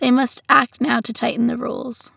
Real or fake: real